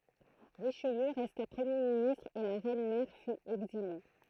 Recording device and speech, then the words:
throat microphone, read sentence
Richelieu resta Premier ministre et la reine mère fut exilée.

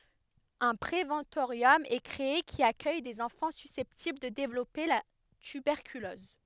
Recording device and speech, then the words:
headset microphone, read sentence
Un préventorium est créé, qui accueille des enfants susceptibles de développer la tuberculose.

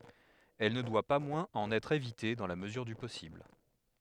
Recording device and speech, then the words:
headset microphone, read sentence
Elle ne doit pas moins en être évitée dans la mesure du possible.

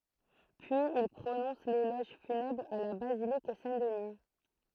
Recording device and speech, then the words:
throat microphone, read sentence
Puis il prononce l'éloge funèbre à la basilique Saint-Denis.

